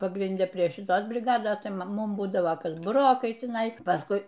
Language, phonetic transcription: Lithuanian, pagrinˈde prie šiˈtos briˈgados ˈtai ˈmum ˈbūdava ˈkas buˈrokai tiˈnai pasˈkui

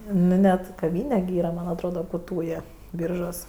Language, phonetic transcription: Lithuanian, ˈnu net kaˈvyne gi ˈyra man' atˈroda ku ˈtūjė ˈbyržuos

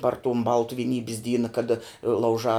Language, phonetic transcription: Lithuanian, par tum ˈbaltu viˈnybis ˈdyna kaˈda lauˈžā

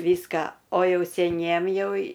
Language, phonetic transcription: Lithuanian, ˈvyską o ˈjau seˈniem ˈjau

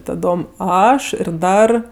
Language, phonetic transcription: Lithuanian, taˈdom ˈaš ir ˈdar

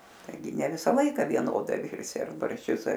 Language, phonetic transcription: Lithuanian, taiˈgi ne ˈvisa ˈlaika vieˈnodai ˈvirsi ar baršˈčius ar

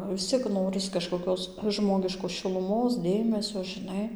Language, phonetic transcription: Lithuanian, vis ˈciek ˈnoris kažkoˈkios ˈžmogiškos šiluˈmos ˈdėmesio žiˈnai

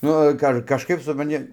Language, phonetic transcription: Lithuanian, ˈnu ka ar kažˈkaip supranˈti

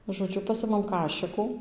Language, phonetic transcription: Lithuanian, žoˈdžiu ˈpasimam ˈkašikų

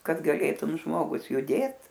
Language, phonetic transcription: Lithuanian, kad gaˈlėtum ˈžmogus juˈdėt

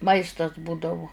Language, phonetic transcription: Lithuanian, ˈmaistas ˈbūdavu

